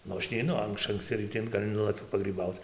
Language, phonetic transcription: Lithuanian, ˈnu ˈaš neiˈnu ˈaš ankˈsci rɨˈti gal' ˈnulakiu pagryˈbauc

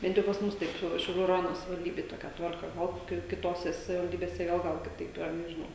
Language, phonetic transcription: Lithuanian, ˈbent jau pas ˈmus ˈtaip ˈšiau šiauˈlių raˈjono savivalˈdybėj ˈtokia ˈtvarka ˈo ˈki kiˈtose savivalˈdybėse ˈgal ˈgal kiˈtaip yˈra nežiˈnau

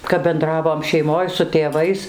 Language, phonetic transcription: Lithuanian, kap benˈdravom šeiˈmoj su tėˈvais

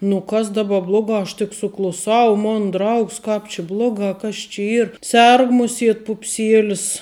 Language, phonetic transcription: Lithuanian, nu ˈkas daˈba ˈblogā aš tik sukluˈsau ˈmon ˈdraugs ˈkap či ˈblogā kas či ˈyr ˈserg ˈmuˌsiet pupˈsiėlis

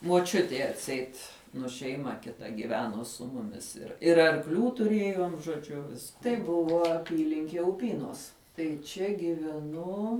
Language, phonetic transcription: Lithuanian, muoˈčiutei atˈseit nu šeiˈma kiˈta gyˈveno su ˈmumis ir ir arkˈlių tuˈrėjom žoˈdžiu vis tai ˈbuvo aˈpylinkie uˈpynos tai ˈčia giveˈnu

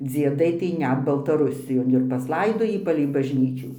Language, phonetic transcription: Lithuanian, dzieˈdai tai ˈnet baltaˈrusijon ir pasˈlaidojį palei bažˈnyčių

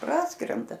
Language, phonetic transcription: Lithuanian, ˈpraskrenda

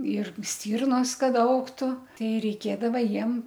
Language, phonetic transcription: Lithuanian, ir ˈstyrnos ˈkad ˈaugtu ˈtei reiˈkėdava ˈjiem

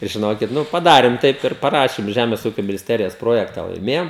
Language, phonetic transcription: Lithuanian, ir žiˈnokit ˈnu i padarim ˈtaip ir paˈrašim ˈžemės ˈūkio minisˈterijos ˈprojekta laiˈmėjom

